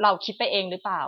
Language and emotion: Thai, frustrated